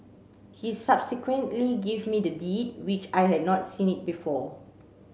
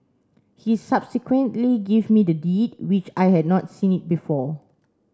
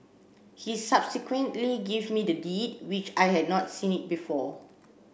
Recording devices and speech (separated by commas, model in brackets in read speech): mobile phone (Samsung C7), standing microphone (AKG C214), boundary microphone (BM630), read sentence